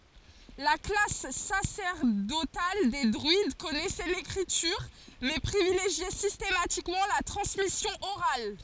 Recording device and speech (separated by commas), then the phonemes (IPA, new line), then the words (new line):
forehead accelerometer, read sentence
la klas sasɛʁdotal de dʁyid kɔnɛsɛ lekʁityʁ mɛ pʁivileʒjɛ sistematikmɑ̃ la tʁɑ̃smisjɔ̃ oʁal
La classe sacerdotale des druides connaissait l'écriture, mais privilégiait systématiquement la transmission orale.